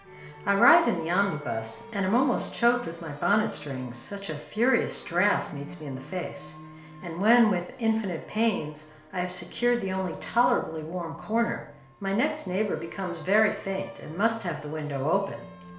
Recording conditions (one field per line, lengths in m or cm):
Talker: one person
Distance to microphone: 1.0 m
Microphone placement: close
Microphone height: 1.1 m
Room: small (3.7 m by 2.7 m)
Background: music